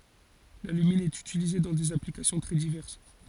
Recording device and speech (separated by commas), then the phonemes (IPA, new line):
forehead accelerometer, read sentence
lalymin ɛt ytilize dɑ̃ dez aplikasjɔ̃ tʁɛ divɛʁs